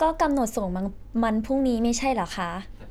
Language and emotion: Thai, frustrated